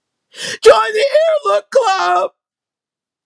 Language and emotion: English, sad